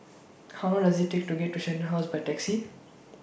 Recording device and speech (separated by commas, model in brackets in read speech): boundary microphone (BM630), read sentence